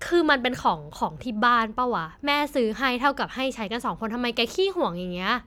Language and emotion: Thai, frustrated